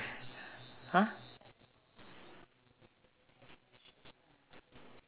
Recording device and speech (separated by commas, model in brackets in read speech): telephone, conversation in separate rooms